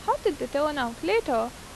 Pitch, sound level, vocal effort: 300 Hz, 85 dB SPL, normal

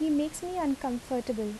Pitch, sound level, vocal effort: 275 Hz, 77 dB SPL, soft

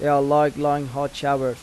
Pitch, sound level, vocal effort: 140 Hz, 89 dB SPL, normal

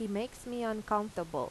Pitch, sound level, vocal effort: 215 Hz, 86 dB SPL, normal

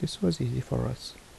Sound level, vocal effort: 70 dB SPL, soft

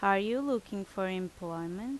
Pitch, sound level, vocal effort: 195 Hz, 83 dB SPL, loud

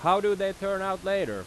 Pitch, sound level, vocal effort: 195 Hz, 96 dB SPL, very loud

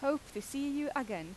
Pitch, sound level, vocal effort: 275 Hz, 87 dB SPL, loud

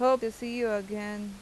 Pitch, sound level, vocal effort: 215 Hz, 90 dB SPL, loud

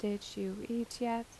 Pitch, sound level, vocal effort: 230 Hz, 79 dB SPL, soft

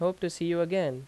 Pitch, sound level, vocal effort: 170 Hz, 88 dB SPL, loud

